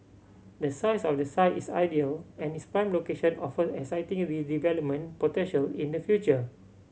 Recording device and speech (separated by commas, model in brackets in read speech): mobile phone (Samsung C7100), read sentence